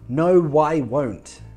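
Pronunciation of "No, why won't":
In 'No, I won't', the words 'no' and 'I' are linked together, with a W sound between them.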